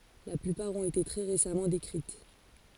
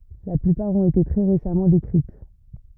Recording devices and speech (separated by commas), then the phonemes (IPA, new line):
forehead accelerometer, rigid in-ear microphone, read sentence
la plypaʁ ɔ̃t ete tʁɛ ʁesamɑ̃ dekʁit